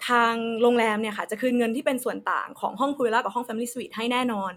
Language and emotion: Thai, neutral